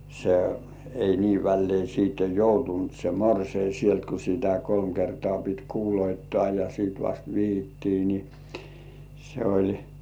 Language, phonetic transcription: Finnish, se ei 'niiv vällei siitte "joutunt se "morsei sielt ku sitä 'kolm kertŏ§à pit "kuuloittoà ja siit 'vast "vihittii ni , se oĺ .
- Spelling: se ei niin väleen sitten joutunut se morsian sieltä kun sitä kolme kertaa piti kuuluttaa ja sitten vasta vihittiin niin se oli

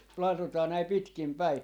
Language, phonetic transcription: Finnish, 'lalotaa näi 'pitkim "päi .
- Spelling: ladotaan näin pitkin päin

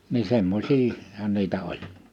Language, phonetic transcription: Finnish, ni 'semmośii- , -hä̳n 'niitä 'oĺ .
- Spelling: niin - semmoisiahan niitä oli

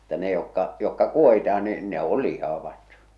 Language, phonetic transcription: Finnish, mutta ne jokka , jokka 'kuohitah̬ᴀ nii , ne ol 'lihavat .
- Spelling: mutta ne jotka jotka kuohitaan niin ne on lihavat

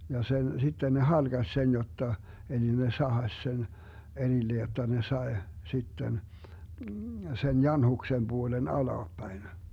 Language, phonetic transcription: Finnish, ja 'sen , 'sitte ne "halGas 'sen jotta , eli ne 'sahaś sen , 'erille jotta ne 'sae , 'sitten , sen "janhuksem 'Buolen 'alaappäin .
- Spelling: ja sen sitten ne halkaisi sen jotta eli ne sahasi sen erille jotta ne sai sitten sen janhuksen puolen alaspäin

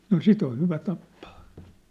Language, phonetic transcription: Finnish, no 'sit ‿oʰ 'hyvä 'tappaa .
- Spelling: no sitten on hyvä tappaa

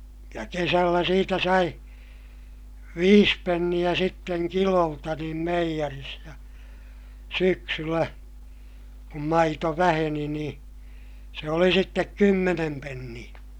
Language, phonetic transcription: Finnish, ja kesällä siitä sai , viis penniʲä sitteŋ kilolta niim meijäris ja , syksyllä , kum maito väheni nii , se oli sittek kymmenem penniʲä .
- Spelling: ja kesällä siitä sai viisi penniä sitten kilolta niin meijerissä ja syksyllä kun maito väheni niin se oli sitten kymmenen penniä

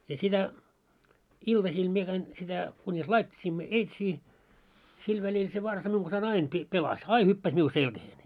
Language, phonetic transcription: Finnish, ja sitä , 'iltasiil mie käin sitä , kuńis "lait́t́isiimmo 'eitsii , 'sil välil se varsa 'miuŋ ɢansai'n ‿ain pi- 'pelas , "ai 'hyppäs miu 'selkäheen .
- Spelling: ja sitä iltasilla minä kävin sitä kunis laittauduimme eitsiin sillä välillä se varsa minun kanssani aina - pelasi aina hyppäsi minun selkään

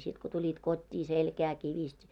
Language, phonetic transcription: Finnish, 'sit ko tuĺit 'kot́t́ii 'selkää kivist́ .
- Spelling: sitten kun tulit kotiin selkää kivisti

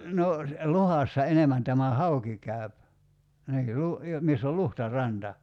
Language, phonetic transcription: Finnish, no , "luhassa 'enemän tämä "hauki 'käy̬p , 'nii lu- , jo- 'miss ‿ol "luhta'ranta .
- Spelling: no luhdassa enemmän tämä hauki käy niin - - missä oli luhtaranta

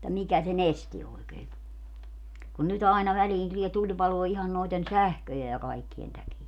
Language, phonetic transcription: Finnish, [et]tä 'mikä se"n ‿esti oikee ku , kun ny't ‿aina väliin tulie 'tuĺpaloo ihan noiten "sähköje ja kaikkien täkiä .
- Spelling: että mikä sen esti oikein kun kun nyt aina väliin tulee tulipaloa ihan noiden sähköjen ja kaikkien takia

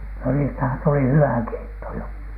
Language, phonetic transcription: Finnish, no niistähän tuli "hywä "keitto jo .
- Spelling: no niistähän tuli hyvä keitto jo

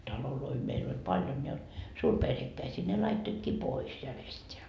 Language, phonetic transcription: Finnish, 'taloloi meil ‿oĺ 'paljon ja , 'suurperhekkäisii ne 'laittoitkii "pois järest́eä .
- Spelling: taloja meillä oli paljon ja suurperhekkäisiä ne laittoivatkin pois järjestään

